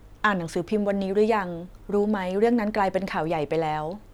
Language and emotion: Thai, neutral